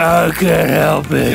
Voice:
gruffly